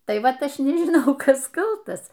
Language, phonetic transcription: Lithuanian, ˈtai ˈvat ˈaš nižiˈnau ˈkas ˈkaltas

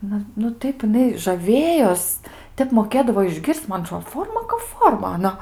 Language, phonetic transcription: Lithuanian, ˈnu nu ˈtaip jiˈnai žaˈvėjos ˈtep moˈkėdavo išˈgir's'c' ˈman aˈtrod ˈforma kap ˈforma aˈna

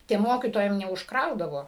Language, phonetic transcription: Lithuanian, tiem ˈmokytojam neužkˈraudavo

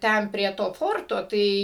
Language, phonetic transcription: Lithuanian, ˈten prie ˈto ˈforto ˈtai

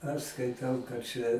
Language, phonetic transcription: Lithuanian, aš skaiˈtau kad ˈčia

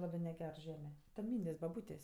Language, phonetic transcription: Lithuanian, ˈlabɜ neˈger ˈžeme ten ˈmyndės' baˈbūtės'

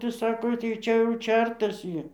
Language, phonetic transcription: Lithuanian, tai ˈsako tai ˈčia jau ˈčertas ˈjį

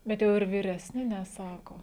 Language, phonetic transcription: Lithuanian, bet ˈjau ir viresˈni neˈsako

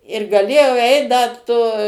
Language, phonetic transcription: Lithuanian, ir gaˈlėjau ˈeit ˈda to

